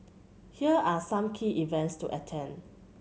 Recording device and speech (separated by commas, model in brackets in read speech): mobile phone (Samsung C7100), read sentence